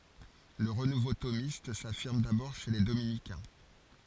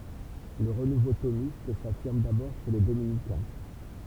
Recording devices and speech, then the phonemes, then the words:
forehead accelerometer, temple vibration pickup, read sentence
lə ʁənuvo tomist safiʁm dabɔʁ ʃe le dominikɛ̃
Le renouveau thomiste s'affirme d'abord chez les dominicains.

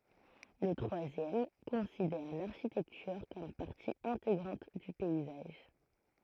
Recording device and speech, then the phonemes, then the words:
throat microphone, read sentence
lə tʁwazjɛm kɔ̃sidɛʁ laʁʃitɛktyʁ kɔm paʁti ɛ̃teɡʁɑ̃t dy pɛizaʒ
Le troisième considère l’architecture comme partie intégrante du paysage.

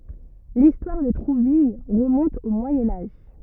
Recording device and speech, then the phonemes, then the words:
rigid in-ear microphone, read sentence
listwaʁ də tʁuvil ʁəmɔ̃t o mwajɛ̃ aʒ
L'histoire de Trouville remonte au Moyen Âge.

